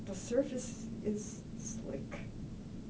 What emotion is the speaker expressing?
neutral